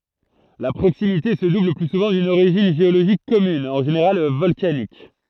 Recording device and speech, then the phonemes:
throat microphone, read sentence
la pʁoksimite sə dubl lə ply suvɑ̃ dyn oʁiʒin ʒeoloʒik kɔmyn ɑ̃ ʒeneʁal vɔlkanik

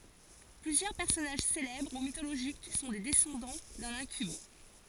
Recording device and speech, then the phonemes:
forehead accelerometer, read sentence
plyzjœʁ pɛʁsɔnaʒ selɛbʁ u mitoloʒik sɔ̃ de dɛsɑ̃dɑ̃ dœ̃n ɛ̃kyb

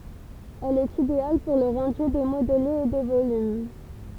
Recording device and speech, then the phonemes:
temple vibration pickup, read sentence
ɛl ɛt ideal puʁ lə ʁɑ̃dy de modlez e de volym

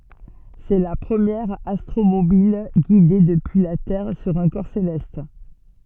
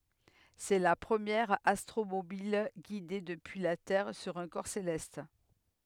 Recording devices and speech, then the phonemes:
soft in-ear microphone, headset microphone, read sentence
sɛ la pʁəmjɛʁ astʁomobil ɡide dəpyi la tɛʁ syʁ œ̃ kɔʁ selɛst

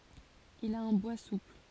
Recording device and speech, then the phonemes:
forehead accelerometer, read sentence
il a œ̃ bwa supl

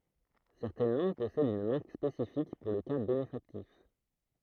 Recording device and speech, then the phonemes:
throat microphone, read sentence
sɛʁtɛn lɑ̃ɡ pɔsɛdt yn maʁk spesifik puʁ lə ka benefaktif

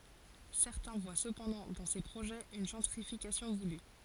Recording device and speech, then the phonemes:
forehead accelerometer, read sentence
sɛʁtɛ̃ vwa səpɑ̃dɑ̃ dɑ̃ se pʁoʒɛz yn ʒɑ̃tʁifikasjɔ̃ vuly

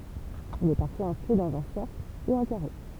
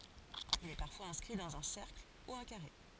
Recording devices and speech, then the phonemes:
temple vibration pickup, forehead accelerometer, read sentence
il ɛ paʁfwaz ɛ̃skʁi dɑ̃z œ̃ sɛʁkl u œ̃ kaʁe

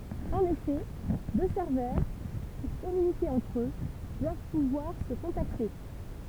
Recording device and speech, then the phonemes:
temple vibration pickup, read sentence
ɑ̃n efɛ dø sɛʁvœʁ puʁ kɔmynike ɑ̃tʁ ø dwav puvwaʁ sə kɔ̃takte

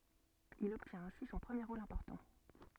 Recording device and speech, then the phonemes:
soft in-ear microphone, read sentence
il ɔbtjɛ̃t ɛ̃si sɔ̃ pʁəmje ʁol ɛ̃pɔʁtɑ̃

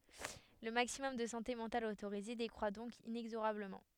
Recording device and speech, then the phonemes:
headset microphone, read sentence
lə maksimɔm də sɑ̃te mɑ̃tal otoʁize dekʁwa dɔ̃k inɛɡzoʁabləmɑ̃

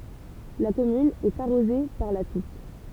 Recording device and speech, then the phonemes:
temple vibration pickup, read sentence
la kɔmyn ɛt aʁoze paʁ la tuk

